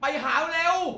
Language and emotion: Thai, angry